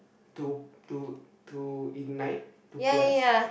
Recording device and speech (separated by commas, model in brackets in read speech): boundary microphone, conversation in the same room